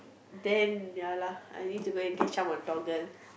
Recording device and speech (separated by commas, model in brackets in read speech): boundary microphone, conversation in the same room